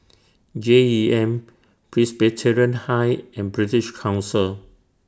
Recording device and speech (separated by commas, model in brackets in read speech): standing microphone (AKG C214), read sentence